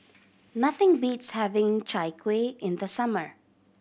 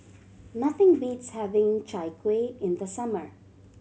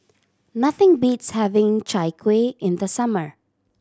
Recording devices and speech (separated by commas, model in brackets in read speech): boundary microphone (BM630), mobile phone (Samsung C7100), standing microphone (AKG C214), read sentence